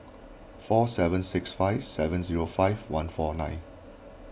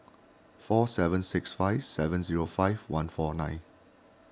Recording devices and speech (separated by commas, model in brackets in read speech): boundary microphone (BM630), standing microphone (AKG C214), read sentence